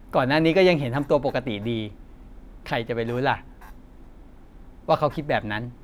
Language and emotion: Thai, neutral